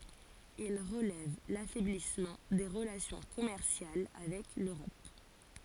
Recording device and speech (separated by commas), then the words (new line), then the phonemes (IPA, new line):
forehead accelerometer, read sentence
Il relève l'affaiblissement des relations commerciales avec l'Europe.
il ʁəlɛv lafɛblismɑ̃ de ʁəlasjɔ̃ kɔmɛʁsjal avɛk løʁɔp